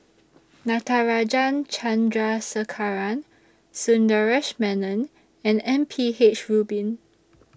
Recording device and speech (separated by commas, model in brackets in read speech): standing microphone (AKG C214), read sentence